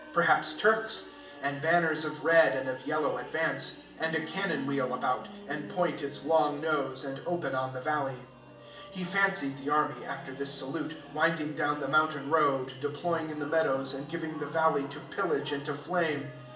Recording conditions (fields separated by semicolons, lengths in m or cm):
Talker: one person; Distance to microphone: 1.8 m; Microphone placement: close; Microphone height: 1.0 m; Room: large; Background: music